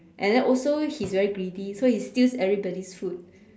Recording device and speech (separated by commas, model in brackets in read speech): standing microphone, conversation in separate rooms